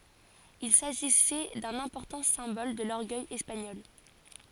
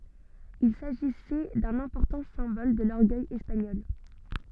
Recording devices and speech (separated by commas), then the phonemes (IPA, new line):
forehead accelerometer, soft in-ear microphone, read sentence
il saʒisɛ dœ̃n ɛ̃pɔʁtɑ̃ sɛ̃bɔl də lɔʁɡœj ɛspaɲɔl